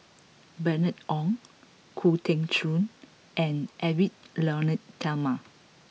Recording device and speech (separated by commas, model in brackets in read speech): mobile phone (iPhone 6), read sentence